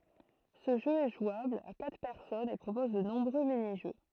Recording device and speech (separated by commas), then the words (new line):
throat microphone, read sentence
Ce jeu est jouable à quatre personnes et propose de nombreux mini-jeux.